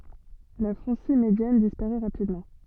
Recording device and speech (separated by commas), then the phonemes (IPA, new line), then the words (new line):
soft in-ear microphone, read sentence
la fʁɑ̃si medjan dispaʁɛ ʁapidmɑ̃
La Francie médiane disparaît rapidement.